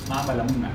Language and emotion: Thai, frustrated